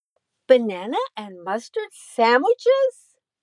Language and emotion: English, neutral